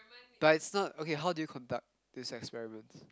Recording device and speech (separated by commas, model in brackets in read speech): close-talking microphone, conversation in the same room